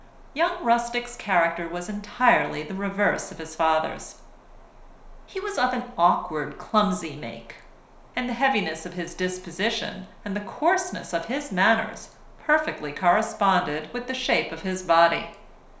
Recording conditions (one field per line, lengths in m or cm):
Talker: one person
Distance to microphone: 1.0 m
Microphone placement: close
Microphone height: 1.1 m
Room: small (3.7 m by 2.7 m)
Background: none